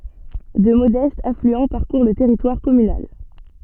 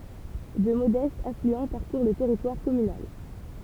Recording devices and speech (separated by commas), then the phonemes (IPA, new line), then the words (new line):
soft in-ear microphone, temple vibration pickup, read sentence
dø modɛstz aflyɑ̃ paʁkuʁ lə tɛʁitwaʁ kɔmynal
Deux modestes affluents parcourent le territoire communal.